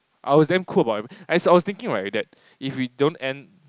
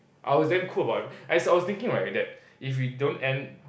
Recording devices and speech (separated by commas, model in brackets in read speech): close-talking microphone, boundary microphone, conversation in the same room